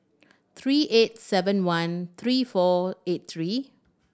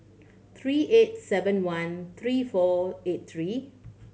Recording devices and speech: standing microphone (AKG C214), mobile phone (Samsung C7100), read sentence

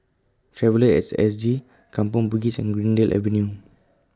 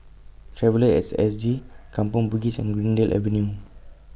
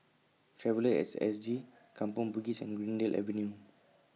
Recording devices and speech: close-talking microphone (WH20), boundary microphone (BM630), mobile phone (iPhone 6), read sentence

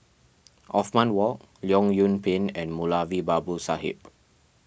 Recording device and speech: boundary microphone (BM630), read sentence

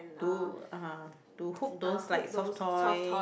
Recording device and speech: boundary microphone, conversation in the same room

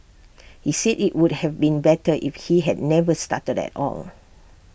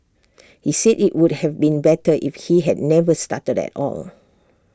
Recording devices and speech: boundary microphone (BM630), standing microphone (AKG C214), read sentence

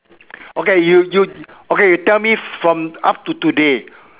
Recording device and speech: telephone, conversation in separate rooms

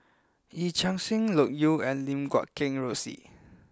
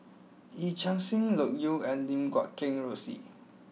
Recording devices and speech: close-talking microphone (WH20), mobile phone (iPhone 6), read sentence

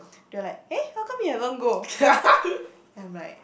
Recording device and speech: boundary microphone, conversation in the same room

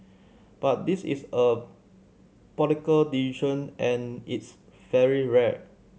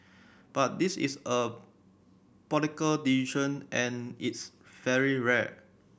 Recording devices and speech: mobile phone (Samsung C7100), boundary microphone (BM630), read sentence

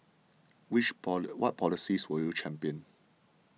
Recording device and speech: mobile phone (iPhone 6), read sentence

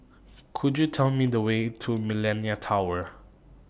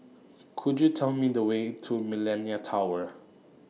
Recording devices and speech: boundary microphone (BM630), mobile phone (iPhone 6), read sentence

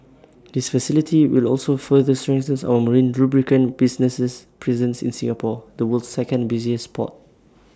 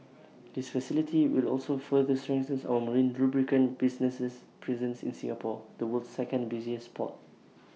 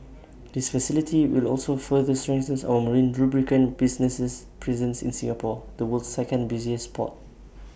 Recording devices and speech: standing microphone (AKG C214), mobile phone (iPhone 6), boundary microphone (BM630), read sentence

